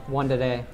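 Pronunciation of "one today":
In 'one today', the t at the start of 'today' is an American T and sounds like a d.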